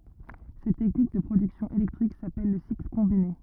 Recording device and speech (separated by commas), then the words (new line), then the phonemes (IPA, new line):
rigid in-ear microphone, read sentence
Cette technique de production électrique s'appelle le cycle combiné.
sɛt tɛknik də pʁodyksjɔ̃ elɛktʁik sapɛl lə sikl kɔ̃bine